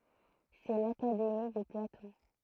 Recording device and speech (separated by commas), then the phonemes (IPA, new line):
throat microphone, read sentence
sɛ lakademi də platɔ̃